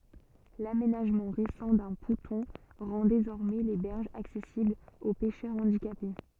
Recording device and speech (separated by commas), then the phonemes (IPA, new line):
soft in-ear microphone, read sentence
lamenaʒmɑ̃ ʁesɑ̃ dœ̃ pɔ̃tɔ̃ ʁɑ̃ dezɔʁmɛ le bɛʁʒz aksɛsiblz o pɛʃœʁ ɑ̃dikape